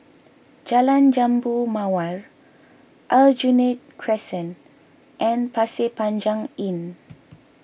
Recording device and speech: boundary microphone (BM630), read sentence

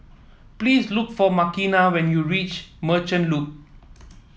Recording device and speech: mobile phone (iPhone 7), read sentence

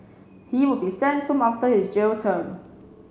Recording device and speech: mobile phone (Samsung C7), read sentence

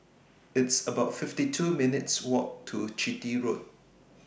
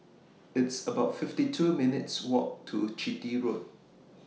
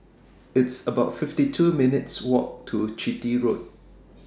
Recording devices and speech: boundary microphone (BM630), mobile phone (iPhone 6), standing microphone (AKG C214), read sentence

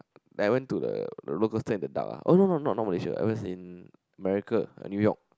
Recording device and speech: close-talking microphone, conversation in the same room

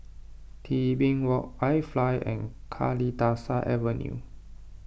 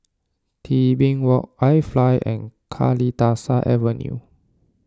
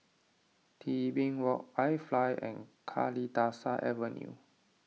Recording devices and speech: boundary microphone (BM630), standing microphone (AKG C214), mobile phone (iPhone 6), read sentence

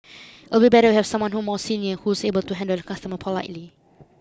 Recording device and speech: close-talking microphone (WH20), read sentence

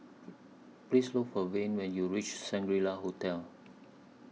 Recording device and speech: mobile phone (iPhone 6), read sentence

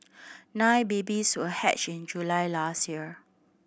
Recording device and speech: boundary microphone (BM630), read sentence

